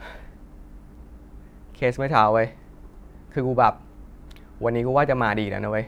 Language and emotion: Thai, frustrated